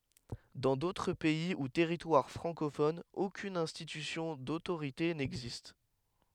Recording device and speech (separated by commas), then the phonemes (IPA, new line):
headset microphone, read sentence
dɑ̃ dotʁ pɛi u tɛʁitwaʁ fʁɑ̃kofonz okyn ɛ̃stitysjɔ̃ dotoʁite nɛɡzist